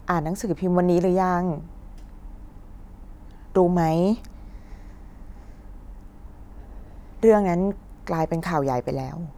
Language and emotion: Thai, sad